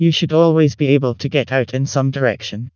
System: TTS, vocoder